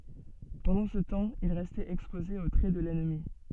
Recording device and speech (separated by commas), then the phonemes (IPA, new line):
soft in-ear microphone, read sentence
pɑ̃dɑ̃ sə tɑ̃ il ʁɛstɛt ɛkspoze o tʁɛ də lɛnmi